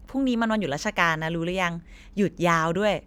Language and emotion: Thai, neutral